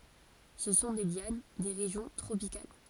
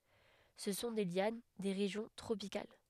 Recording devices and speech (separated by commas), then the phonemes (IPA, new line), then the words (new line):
forehead accelerometer, headset microphone, read sentence
sə sɔ̃ de ljan de ʁeʒjɔ̃ tʁopikal
Ce sont des lianes, des régions tropicales.